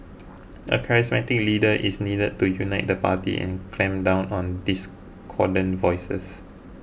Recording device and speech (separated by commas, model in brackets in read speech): boundary microphone (BM630), read sentence